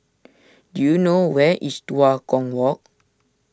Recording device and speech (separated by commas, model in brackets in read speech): standing microphone (AKG C214), read sentence